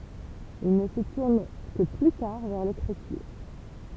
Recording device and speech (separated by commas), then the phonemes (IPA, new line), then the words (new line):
temple vibration pickup, read sentence
il nə sə tuʁn kə ply taʁ vɛʁ lekʁityʁ
Il ne se tourne que plus tard vers l'écriture.